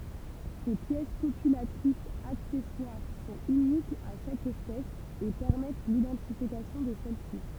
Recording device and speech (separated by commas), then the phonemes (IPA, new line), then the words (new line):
temple vibration pickup, read sentence
se pjɛs kopylatʁisz aksɛswaʁ sɔ̃t ynikz a ʃak ɛspɛs e pɛʁmɛt lidɑ̃tifikasjɔ̃ də sɛlsi
Ces pièces copulatrices accessoires sont uniques à chaque espèce et permettent l'identification de celle-ci.